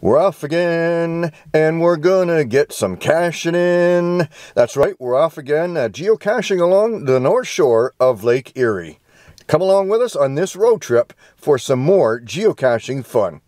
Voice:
in a sing song voice